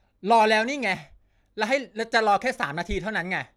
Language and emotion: Thai, angry